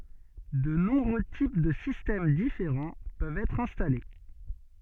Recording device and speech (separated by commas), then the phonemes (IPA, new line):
soft in-ear microphone, read sentence
də nɔ̃bʁø tip də sistɛm difeʁɑ̃ pøvt ɛtʁ ɛ̃stale